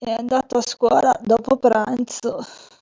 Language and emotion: Italian, disgusted